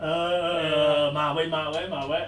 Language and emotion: Thai, happy